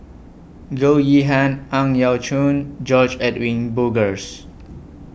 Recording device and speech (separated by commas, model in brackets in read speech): boundary microphone (BM630), read sentence